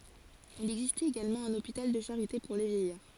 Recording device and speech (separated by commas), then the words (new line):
forehead accelerometer, read sentence
Il existait également un hôpital de charité pour les vieillards.